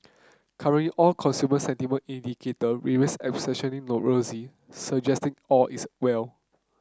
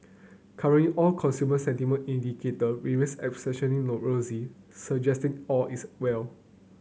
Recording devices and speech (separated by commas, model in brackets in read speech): close-talking microphone (WH30), mobile phone (Samsung C9), read sentence